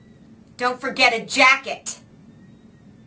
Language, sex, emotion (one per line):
English
female
angry